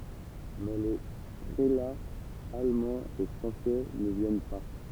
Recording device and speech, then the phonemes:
temple vibration pickup, read sentence
mɛ le pʁelaz almɑ̃z e fʁɑ̃sɛ nə vjɛn pa

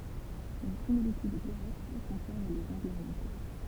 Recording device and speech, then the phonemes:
temple vibration pickup, read sentence
yn similityd diʁɛkt kɔ̃sɛʁv lez ɑ̃ɡlz oʁjɑ̃te

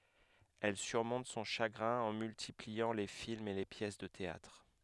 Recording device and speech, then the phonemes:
headset microphone, read sentence
ɛl syʁmɔ̃t sɔ̃ ʃaɡʁɛ̃ ɑ̃ myltipliɑ̃ le filmz e le pjɛs də teatʁ

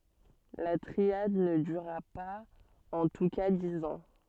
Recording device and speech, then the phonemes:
soft in-ear microphone, read sentence
la tʁiad nə dyʁa paz ɑ̃ tu ka diz ɑ̃

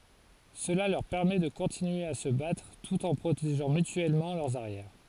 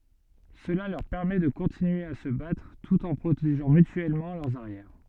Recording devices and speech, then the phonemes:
forehead accelerometer, soft in-ear microphone, read sentence
səla lœʁ pɛʁmɛ də kɔ̃tinye a sə batʁ tut ɑ̃ pʁoteʒɑ̃ mytyɛlmɑ̃ lœʁz aʁjɛʁ

